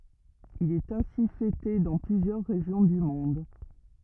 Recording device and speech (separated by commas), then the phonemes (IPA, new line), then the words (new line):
rigid in-ear microphone, read sentence
il ɛt ɛ̃si fɛte dɑ̃ plyzjœʁ ʁeʒjɔ̃ dy mɔ̃d
Il est ainsi fêté dans plusieurs régions du monde.